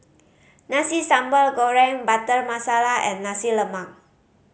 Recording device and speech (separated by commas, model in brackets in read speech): mobile phone (Samsung C5010), read sentence